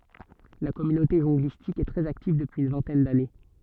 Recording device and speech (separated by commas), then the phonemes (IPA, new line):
soft in-ear microphone, read sentence
la kɔmynote ʒɔ̃ɡlistik ɛ tʁɛz aktiv dəpyiz yn vɛ̃tɛn dane